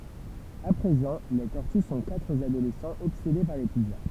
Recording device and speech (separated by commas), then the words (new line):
temple vibration pickup, read sentence
À présent, les tortues sont quatre adolescents obsédés par les pizzas.